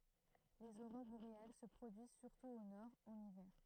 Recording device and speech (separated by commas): throat microphone, read sentence